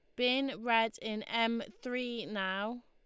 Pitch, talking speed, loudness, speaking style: 230 Hz, 135 wpm, -34 LUFS, Lombard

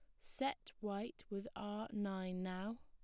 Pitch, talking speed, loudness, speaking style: 210 Hz, 135 wpm, -45 LUFS, plain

